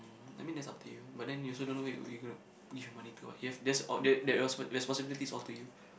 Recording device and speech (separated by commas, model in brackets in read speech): boundary microphone, conversation in the same room